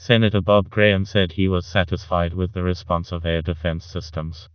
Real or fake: fake